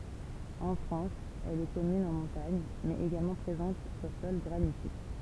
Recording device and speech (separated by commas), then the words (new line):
temple vibration pickup, read sentence
En France, elle est commune en montagne, mais également présente sur sol granitique.